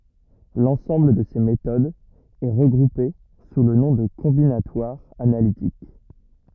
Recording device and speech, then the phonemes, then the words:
rigid in-ear microphone, read sentence
lɑ̃sɑ̃bl də se metodz ɛ ʁəɡʁupe su lə nɔ̃ də kɔ̃binatwaʁ analitik
L'ensemble de ces méthodes est regroupé sous le nom de combinatoire analytique.

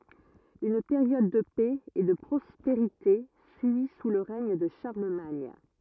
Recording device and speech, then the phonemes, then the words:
rigid in-ear microphone, read sentence
yn peʁjɔd də pɛ e də pʁɔspeʁite syi su lə ʁɛɲ də ʃaʁləmaɲ
Une période de paix et de prospérité suit sous le règne de Charlemagne.

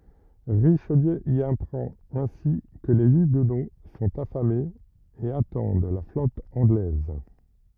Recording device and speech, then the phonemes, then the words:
rigid in-ear microphone, read sentence
ʁiʃliø i apʁɑ̃t ɛ̃si kə le yɡno sɔ̃t afamez e atɑ̃d la flɔt ɑ̃ɡlɛz
Richelieu y apprend ainsi que les huguenots sont affamés et attendent la flotte anglaise.

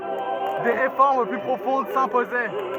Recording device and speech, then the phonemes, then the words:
rigid in-ear microphone, read sentence
de ʁefɔʁm ply pʁofɔ̃d sɛ̃pozɛ
Des réformes plus profondes s'imposaient.

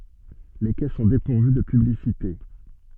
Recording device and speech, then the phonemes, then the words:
soft in-ear microphone, read sentence
le kɛ sɔ̃ depuʁvy də pyblisite
Les quais sont dépourvus de publicités.

